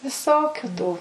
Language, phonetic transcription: Lithuanian, viˈsokiu tų

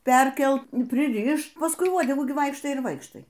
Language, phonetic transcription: Lithuanian, ˈperkelt prˈirišt pasˈkui ˈvuodegų gi ˈvaikštai ir ˈvaikštai

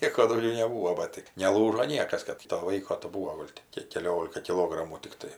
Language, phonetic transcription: Lithuanian, ˈnieko dauˈgiau neˈbūvo ˈba tɜ neˈlūžo ˈniekas ˈkad to ˈvaiko tai ˈbūo ˈgol' ti ˈkiek keˈliolika kiˈlogramų tikˈtai

